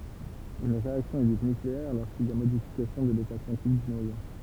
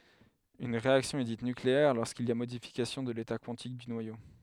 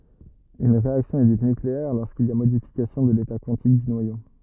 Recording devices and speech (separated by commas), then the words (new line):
temple vibration pickup, headset microphone, rigid in-ear microphone, read sentence
Une réaction est dite nucléaire lorsqu'il y a modification de l'état quantique du noyau.